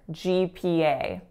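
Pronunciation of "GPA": In 'GPA', all three vowels are moving. They are diphthongs, not pure vowels.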